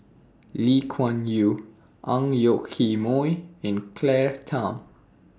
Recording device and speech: standing microphone (AKG C214), read sentence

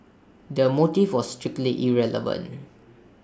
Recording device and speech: standing microphone (AKG C214), read sentence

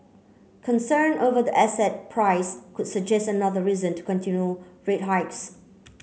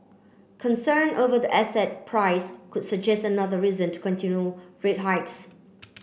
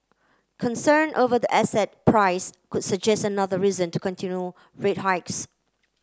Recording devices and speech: mobile phone (Samsung C9), boundary microphone (BM630), close-talking microphone (WH30), read sentence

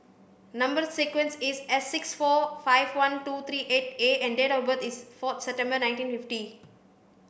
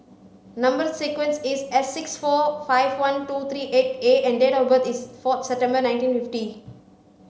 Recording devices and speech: boundary microphone (BM630), mobile phone (Samsung C5), read sentence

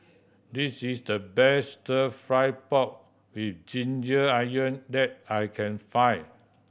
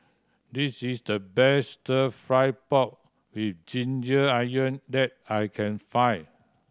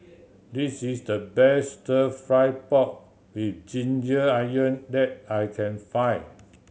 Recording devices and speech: boundary microphone (BM630), standing microphone (AKG C214), mobile phone (Samsung C7100), read sentence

